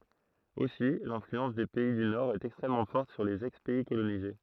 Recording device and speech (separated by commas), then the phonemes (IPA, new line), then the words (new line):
throat microphone, read sentence
osi lɛ̃flyɑ̃s de pɛi dy noʁɛst ɛkstʁɛmmɑ̃ fɔʁt syʁ lez ɛkspɛi kolonize
Aussi l'influence des pays du Nord est extrêmement forte sur les ex-pays colonisés.